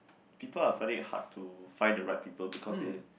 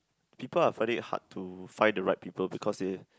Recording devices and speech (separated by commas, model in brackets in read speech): boundary microphone, close-talking microphone, conversation in the same room